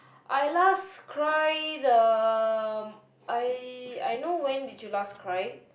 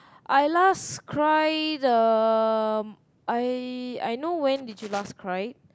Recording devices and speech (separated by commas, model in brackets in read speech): boundary microphone, close-talking microphone, conversation in the same room